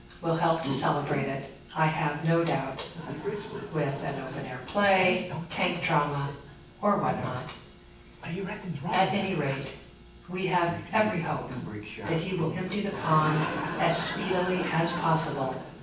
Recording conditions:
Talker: one person; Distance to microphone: 9.8 m; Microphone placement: far; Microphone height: 1.8 m; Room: large; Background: television

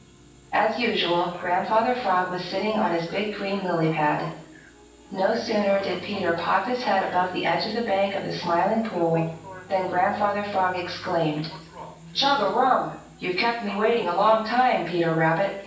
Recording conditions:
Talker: one person; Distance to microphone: 9.8 m; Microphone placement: far; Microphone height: 1.8 m; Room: large; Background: television

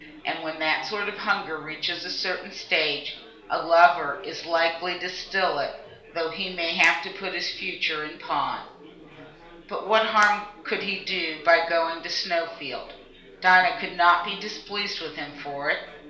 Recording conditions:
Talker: one person; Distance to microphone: 1.0 m; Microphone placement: close; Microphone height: 1.1 m; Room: small (3.7 m by 2.7 m); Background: babble

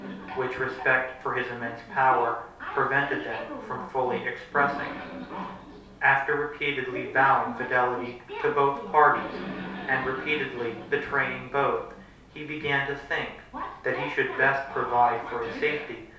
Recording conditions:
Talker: one person; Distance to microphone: 3.0 m; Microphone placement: far; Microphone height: 1.8 m; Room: small (3.7 m by 2.7 m); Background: television

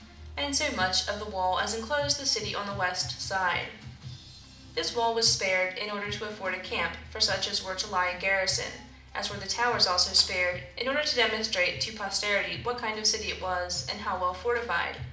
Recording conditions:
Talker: one person; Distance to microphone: 2.0 m; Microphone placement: close; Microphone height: 99 cm; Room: medium-sized (5.7 m by 4.0 m); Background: music

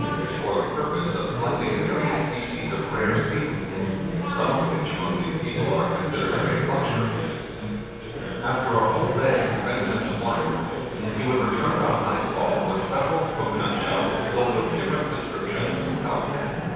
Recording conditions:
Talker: one person; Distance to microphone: 7.1 m; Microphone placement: far; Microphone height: 1.7 m; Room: very reverberant, large; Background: babble

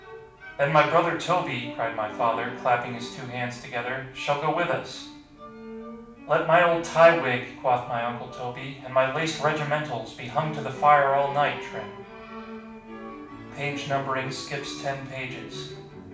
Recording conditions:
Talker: one person; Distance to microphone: 5.8 m; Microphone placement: far; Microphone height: 1.8 m; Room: medium-sized (5.7 m by 4.0 m); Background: music

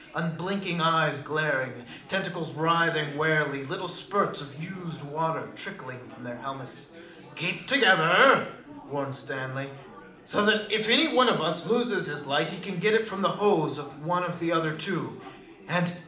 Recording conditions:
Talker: one person; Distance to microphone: 2.0 m; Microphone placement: close; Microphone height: 99 cm; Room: medium-sized (5.7 m by 4.0 m); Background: babble

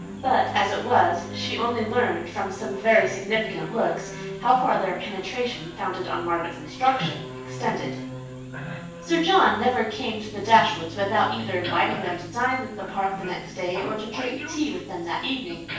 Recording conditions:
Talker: one person; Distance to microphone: 9.8 m; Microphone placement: far; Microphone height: 1.8 m; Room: large; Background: television

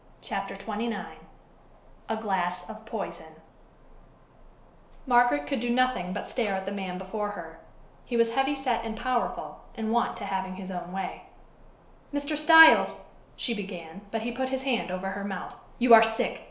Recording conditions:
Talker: one person; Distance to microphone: 1.0 m; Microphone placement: close; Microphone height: 1.1 m; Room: small (3.7 m by 2.7 m); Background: none

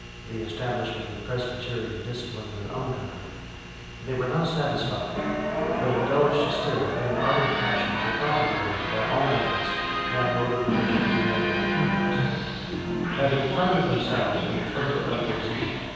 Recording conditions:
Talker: one person; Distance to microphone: 7.1 m; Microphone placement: far; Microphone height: 1.7 m; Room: very reverberant, large; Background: television

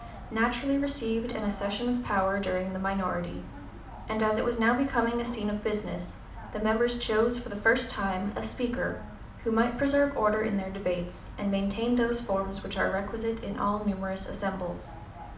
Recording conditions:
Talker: one person; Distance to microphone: 2.0 m; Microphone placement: close; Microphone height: 99 cm; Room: medium-sized (5.7 m by 4.0 m); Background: television

